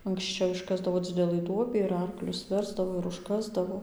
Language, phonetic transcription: Lithuanian, anksˈčiau išˈkasdavo ˈdzidelɨ ˈduobį ir ˈarklius ˈversdavo ir užˈkasdavo

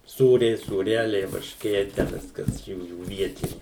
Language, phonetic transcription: Lithuanian, ˈsūriai sūˈreliai varšˈkė tę ˈviskas ˈjųjų ˈvietini

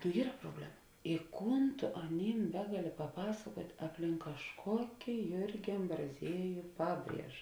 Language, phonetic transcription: Lithuanian, nu ˈyra proˈblema i ˈkūn tu aˈnym ˈbegaˌli paˈpasakuot' apˈlink kažˈkoki ˈjurgi ambraˈzieju ˈpaˌbrieža

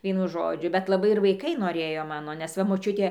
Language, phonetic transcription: Lithuanian, ˈvienu ˈžodžiu bet laˈbai ir vaiˈkai noˈrėjo ˈmano nes ˈva moˈčiutė

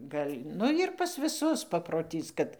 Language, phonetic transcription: Lithuanian, ˈgal' ˈnu jir ˈpas viˈsus paproˈtys kad

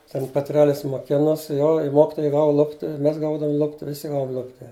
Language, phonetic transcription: Lithuanian, ˈten peˈtrelis moˈkinos ˈjo i ˈmokitojai ˈgavu ˈlupti i ˈmes ˈgaudavum ˈlupti viˈsi ˈgavum ˈlupti

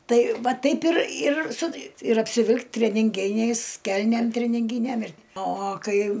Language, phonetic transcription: Lithuanian, ˈtai ˈva ˈtaip ir ir su ir apsiˈvil'k' treninˈginiais ˈkelnėm treninˈgynem ir o o ˈkai

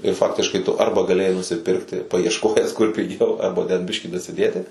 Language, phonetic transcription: Lithuanian, ir ˈfaktiškai tu ˈarba gaˈlėjai nusiˈpirkti paiešˈkojęs kur piˈgiau arba ten ˈbiškį dasiˈdėti

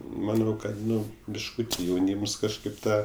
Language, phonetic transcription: Lithuanian, maˈnau ˈkad ˈnu bišˈkūti jauˈnyms kažˈkaip ˈtą

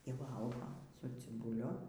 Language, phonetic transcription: Lithuanian, y ˈvalgo su cibuˈliu

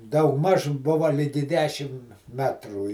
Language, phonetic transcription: Lithuanian, daugˈmaž ˈbuva ˈligi ˈdešim ˈmetrų

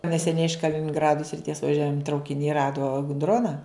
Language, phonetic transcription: Lithuanian, neseˈniai iš kalininˈgradu sriˈties vaˈžiuojan traukiˈni ˈrado g ˈdrona

